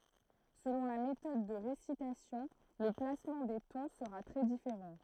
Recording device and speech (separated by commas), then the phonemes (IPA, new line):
throat microphone, read sentence
səlɔ̃ la metɔd də ʁesitasjɔ̃ lə plasmɑ̃ de tɔ̃ səʁa tʁɛ difeʁɑ̃